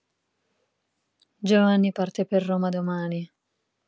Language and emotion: Italian, sad